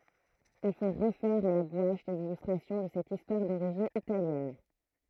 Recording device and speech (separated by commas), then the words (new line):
throat microphone, read sentence
Il faut refaire à la gouache les illustrations de cette histoire d'origine italienne.